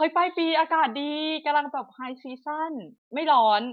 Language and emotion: Thai, happy